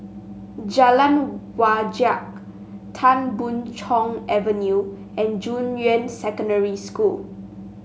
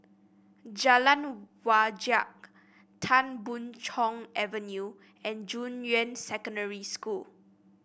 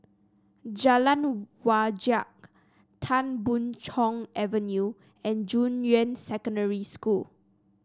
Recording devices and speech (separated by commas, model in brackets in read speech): mobile phone (Samsung S8), boundary microphone (BM630), standing microphone (AKG C214), read sentence